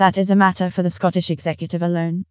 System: TTS, vocoder